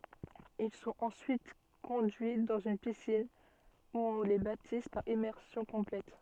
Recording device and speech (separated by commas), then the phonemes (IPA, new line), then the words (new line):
soft in-ear microphone, read sentence
il sɔ̃t ɑ̃syit kɔ̃dyi dɑ̃z yn pisin u ɔ̃ le batiz paʁ immɛʁsjɔ̃ kɔ̃plɛt
Ils sont ensuite conduits dans une piscine, où on les baptise par immersion complète.